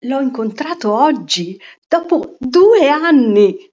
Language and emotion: Italian, surprised